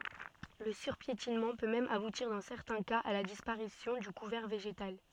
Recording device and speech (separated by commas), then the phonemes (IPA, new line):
soft in-ear microphone, read sentence
lə syʁpjetinmɑ̃ pø mɛm abutiʁ dɑ̃ sɛʁtɛ̃ kaz a la dispaʁisjɔ̃ dy kuvɛʁ veʒetal